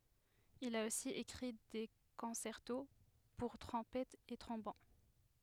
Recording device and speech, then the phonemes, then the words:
headset microphone, read sentence
il a osi ekʁi de kɔ̃sɛʁto puʁ tʁɔ̃pɛtz e tʁɔ̃bon
Il a aussi écrit des concertos pour trompettes et trombones.

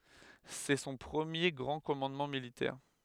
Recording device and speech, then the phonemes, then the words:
headset microphone, read sentence
sɛ sɔ̃ pʁəmje ɡʁɑ̃ kɔmɑ̃dmɑ̃ militɛʁ
C'est son premier grand commandement militaire.

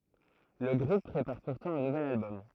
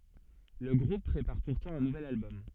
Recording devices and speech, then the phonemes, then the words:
throat microphone, soft in-ear microphone, read sentence
lə ɡʁup pʁepaʁ puʁtɑ̃ œ̃ nuvɛl albɔm
Le groupe prépare pourtant un nouvel album.

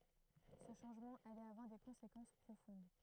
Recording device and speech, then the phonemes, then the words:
throat microphone, read sentence
sə ʃɑ̃ʒmɑ̃ alɛt avwaʁ de kɔ̃sekɑ̃s pʁofɔ̃d
Ce changement allait avoir des conséquences profondes.

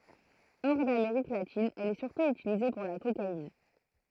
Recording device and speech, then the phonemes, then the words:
throat microphone, read sentence
ɔʁ dameʁik latin ɛl ɛ syʁtu ytilize puʁ la kokain
Hors d'Amérique latine, elle est surtout utilisée pour la cocaïne.

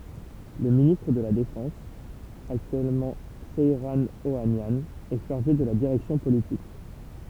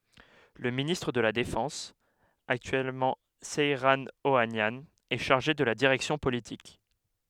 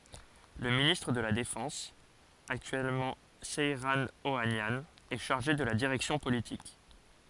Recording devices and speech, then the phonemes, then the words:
temple vibration pickup, headset microphone, forehead accelerometer, read sentence
lə ministʁ də la defɑ̃s aktyɛlmɑ̃ sɛʁɑ̃ oanjɑ̃ ɛ ʃaʁʒe də la diʁɛksjɔ̃ politik
Le ministre de la Défense, actuellement Seyran Ohanian, est chargé de la direction politique.

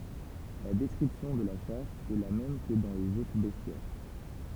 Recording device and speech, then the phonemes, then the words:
temple vibration pickup, read sentence
la dɛskʁipsjɔ̃ də la ʃas ɛ la mɛm kə dɑ̃ lez otʁ bɛstjɛʁ
La description de la chasse est la même que dans les autres bestiaires.

